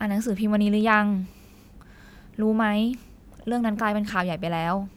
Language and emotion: Thai, frustrated